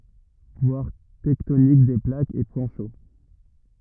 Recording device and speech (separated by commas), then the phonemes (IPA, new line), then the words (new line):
rigid in-ear microphone, read sentence
vwaʁ tɛktonik de plakz e pwɛ̃ ʃo
Voir tectonique des plaques et point chaud.